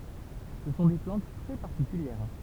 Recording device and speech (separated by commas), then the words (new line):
temple vibration pickup, read sentence
Ce sont des plantes très particulières.